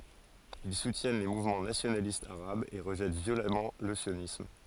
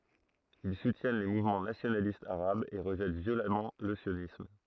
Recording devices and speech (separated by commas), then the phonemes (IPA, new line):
forehead accelerometer, throat microphone, read sentence
il sutjɛn le muvmɑ̃ nasjonalistz aʁabz e ʁəʒɛt vjolamɑ̃ lə sjonism